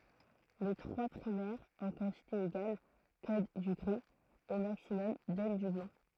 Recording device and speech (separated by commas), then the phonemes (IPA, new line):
throat microphone, read sentence
le tʁwa pʁimɛʁz ɑ̃ kɑ̃tite eɡal kod dy ɡʁi o maksimɔm dɔn dy blɑ̃